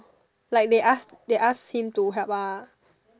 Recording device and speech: standing microphone, conversation in separate rooms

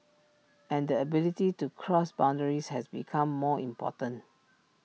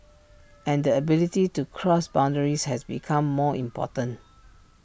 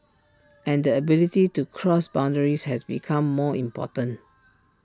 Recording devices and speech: mobile phone (iPhone 6), boundary microphone (BM630), standing microphone (AKG C214), read sentence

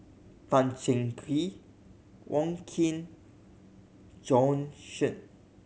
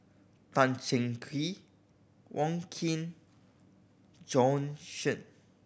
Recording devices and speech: mobile phone (Samsung C7100), boundary microphone (BM630), read sentence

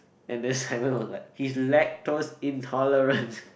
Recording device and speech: boundary microphone, conversation in the same room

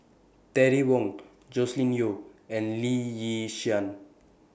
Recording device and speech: boundary microphone (BM630), read sentence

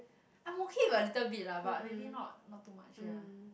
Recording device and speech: boundary microphone, conversation in the same room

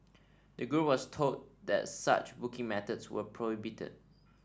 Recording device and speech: standing microphone (AKG C214), read sentence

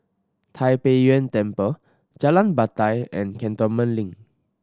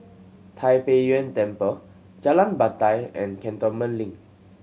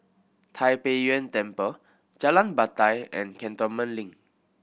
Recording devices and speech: standing microphone (AKG C214), mobile phone (Samsung C7100), boundary microphone (BM630), read sentence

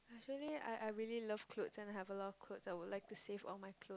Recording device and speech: close-talking microphone, conversation in the same room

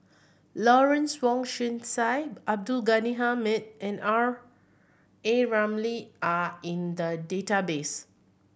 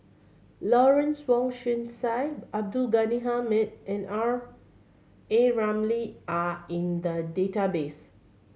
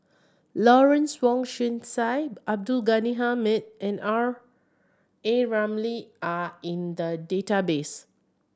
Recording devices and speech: boundary microphone (BM630), mobile phone (Samsung C7100), standing microphone (AKG C214), read sentence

